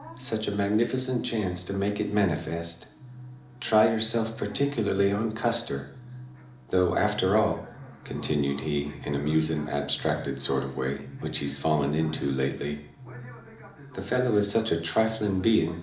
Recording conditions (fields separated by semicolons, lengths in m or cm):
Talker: one person; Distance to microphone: 2.0 m; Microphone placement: close; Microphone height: 99 cm; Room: medium-sized (5.7 m by 4.0 m); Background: television